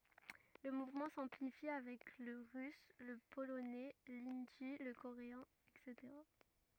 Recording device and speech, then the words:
rigid in-ear microphone, read sentence
Le mouvement s'amplifie avec le russe, le polonais, l'hindi, le coréen, etc.

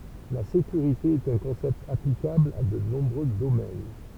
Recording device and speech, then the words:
temple vibration pickup, read sentence
La sécurité est un concept applicable à de nombreux domaines.

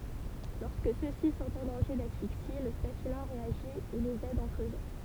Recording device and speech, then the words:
temple vibration pickup, read sentence
Lorsque ceux-ci sont en danger d'asphyxie, le staphylin réagit et les aide en creusant.

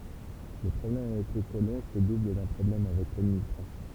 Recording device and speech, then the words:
temple vibration pickup, read sentence
Le problème avec les colons se double d'un problème avec l'administration.

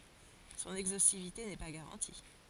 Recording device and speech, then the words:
forehead accelerometer, read sentence
Son exhaustivité n'est pas garantie.

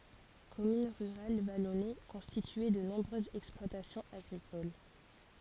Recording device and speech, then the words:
forehead accelerometer, read sentence
Commune rurale vallonnée, constituée de nombreuses exploitations agricoles.

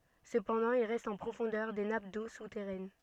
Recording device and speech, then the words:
soft in-ear microphone, read sentence
Cependant, il reste en profondeur des nappes d'eau souterraine.

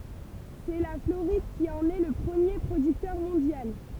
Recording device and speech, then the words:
temple vibration pickup, read sentence
C'est la Floride qui en est le premier producteur mondial.

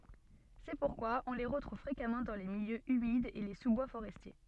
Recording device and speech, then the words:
soft in-ear microphone, read sentence
C'est pourquoi on les retrouve fréquemment dans des milieux humides et les sous-bois forestiers.

